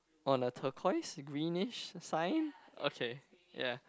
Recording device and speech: close-talking microphone, conversation in the same room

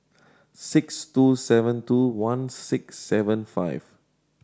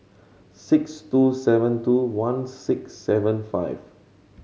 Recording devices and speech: standing microphone (AKG C214), mobile phone (Samsung C7100), read sentence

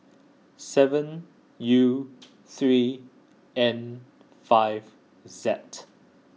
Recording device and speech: mobile phone (iPhone 6), read sentence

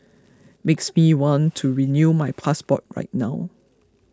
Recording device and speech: close-talking microphone (WH20), read sentence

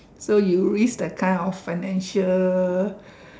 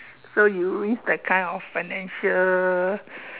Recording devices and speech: standing microphone, telephone, conversation in separate rooms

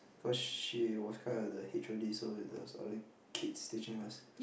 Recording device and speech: boundary microphone, conversation in the same room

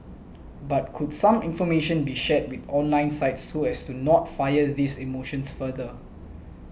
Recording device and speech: boundary microphone (BM630), read sentence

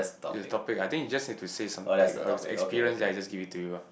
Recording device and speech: boundary microphone, conversation in the same room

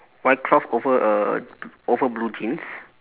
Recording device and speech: telephone, conversation in separate rooms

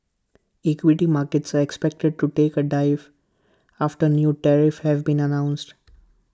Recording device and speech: close-talking microphone (WH20), read sentence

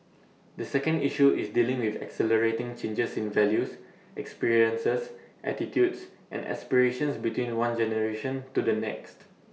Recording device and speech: mobile phone (iPhone 6), read sentence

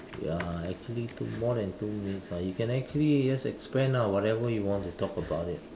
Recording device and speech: standing microphone, conversation in separate rooms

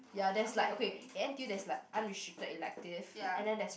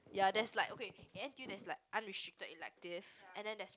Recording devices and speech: boundary microphone, close-talking microphone, conversation in the same room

